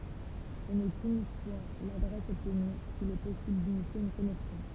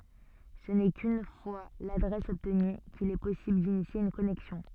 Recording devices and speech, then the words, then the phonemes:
temple vibration pickup, soft in-ear microphone, read sentence
Ce n'est qu'une fois l'adresse obtenue qu'il est possible d'initier une connexion.
sə nɛ kyn fwa ladʁɛs ɔbtny kil ɛ pɔsibl dinisje yn kɔnɛksjɔ̃

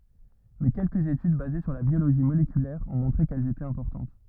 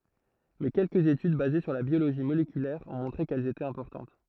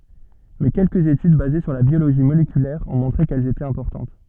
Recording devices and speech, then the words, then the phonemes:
rigid in-ear microphone, throat microphone, soft in-ear microphone, read sentence
Mais quelques études basées sur la biologie moléculaire ont montré qu'elle était importante.
mɛ kɛlkəz etyd baze syʁ la bjoloʒi molekylɛʁ ɔ̃ mɔ̃tʁe kɛl etɛt ɛ̃pɔʁtɑ̃t

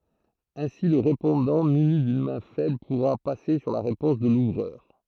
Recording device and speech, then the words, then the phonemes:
throat microphone, read sentence
Ainsi le répondant muni d'une main faible pourra passer sur la réponse de l'ouvreur.
ɛ̃si lə ʁepɔ̃dɑ̃ myni dyn mɛ̃ fɛbl puʁa pase syʁ la ʁepɔ̃s də luvʁœʁ

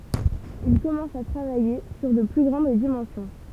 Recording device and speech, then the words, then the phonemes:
temple vibration pickup, read sentence
Il commence à travailler sur de plus grandes dimensions.
il kɔmɑ̃s a tʁavaje syʁ də ply ɡʁɑ̃d dimɑ̃sjɔ̃

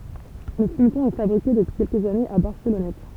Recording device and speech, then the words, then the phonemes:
temple vibration pickup, read sentence
Le fumeton est fabriqué depuis quelques années à Barcelonnette.
lə fymtɔ̃ ɛ fabʁike dəpyi kɛlkəz anez a baʁsəlɔnɛt

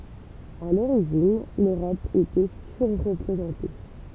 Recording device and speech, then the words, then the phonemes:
temple vibration pickup, read sentence
À l’origine, l’Europe était surreprésentée.
a loʁiʒin løʁɔp etɛ syʁʁpʁezɑ̃te

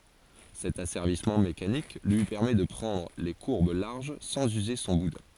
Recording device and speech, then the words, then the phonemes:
forehead accelerometer, read sentence
Cet asservissement mécanique lui permet de prendre les courbes larges sans user son boudin.
sɛt asɛʁvismɑ̃ mekanik lyi pɛʁmɛ də pʁɑ̃dʁ le kuʁb laʁʒ sɑ̃z yze sɔ̃ budɛ̃

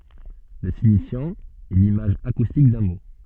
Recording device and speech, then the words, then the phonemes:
soft in-ear microphone, read sentence
Le signifiant est l'image acoustique d'un mot.
lə siɲifjɑ̃ ɛ limaʒ akustik dœ̃ mo

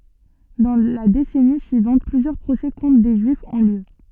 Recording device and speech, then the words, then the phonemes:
soft in-ear microphone, read sentence
Dans la décennie suivante, plusieurs procès contre des Juifs ont lieu.
dɑ̃ la desɛni syivɑ̃t plyzjœʁ pʁosɛ kɔ̃tʁ de ʒyifz ɔ̃ ljø

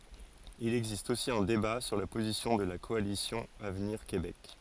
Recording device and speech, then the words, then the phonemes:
forehead accelerometer, read sentence
Il existe aussi un débat sur la position de la Coalition avenir Québec.
il ɛɡzist osi œ̃ deba syʁ la pozisjɔ̃ də la kɔalisjɔ̃ avniʁ kebɛk

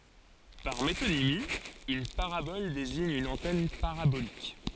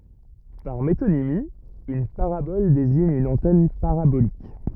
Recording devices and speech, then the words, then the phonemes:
forehead accelerometer, rigid in-ear microphone, read sentence
Par métonymie, une parabole désigne une antenne parabolique.
paʁ metonimi yn paʁabɔl deziɲ yn ɑ̃tɛn paʁabolik

